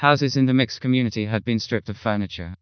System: TTS, vocoder